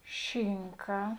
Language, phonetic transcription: Lithuanian, ˈšinka

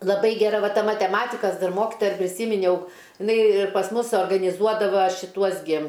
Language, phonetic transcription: Lithuanian, laˈbai geˈra ˈva ˈta mateˈmatikas ˈdar ˈmokitoja ir priˈsyminiau iˈnai pas ˈmus suorganiˈzuodava šiˈtuos gi

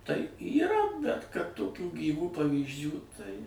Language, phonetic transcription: Lithuanian, tai yˈra bet kad toˈkių gyˈvų pavyzˈdžių tai

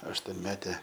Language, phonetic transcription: Lithuanian, aštuonˈmete

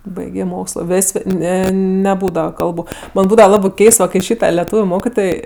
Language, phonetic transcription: Lithuanian, ˈbaigė ˈmokslo ˈvės' ˈne neˈbūdava ˈkalbu bet ˈbūdava ˈlabɜ ˈkeist kai ˈšyta leˈtūviu ˈmokitoj

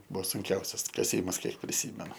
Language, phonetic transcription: Lithuanian, ˈbuvo sunˈkiausias kaˈsymas ˈkiek priˈsymenu

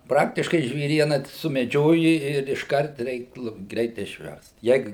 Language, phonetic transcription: Lithuanian, ˈpraktiškai žvėˈriena sumeˈdžioji ir išˈkart ˈreik ˈlupt ˈgreit išˈverst ˈjeig

